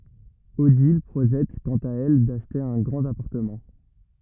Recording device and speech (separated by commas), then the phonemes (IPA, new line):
rigid in-ear microphone, read sentence
odil pʁoʒɛt kɑ̃t a ɛl daʃte œ̃ ɡʁɑ̃t apaʁtəmɑ̃